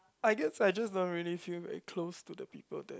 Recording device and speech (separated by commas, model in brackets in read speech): close-talking microphone, conversation in the same room